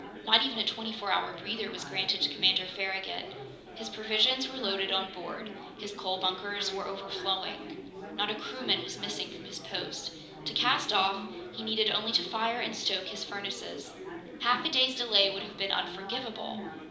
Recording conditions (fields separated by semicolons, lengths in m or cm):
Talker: one person; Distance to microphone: 2.0 m; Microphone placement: close; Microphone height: 99 cm; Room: medium-sized (5.7 m by 4.0 m); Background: babble